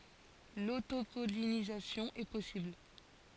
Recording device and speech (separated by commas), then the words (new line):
forehead accelerometer, read sentence
L'autopollinisation est possible.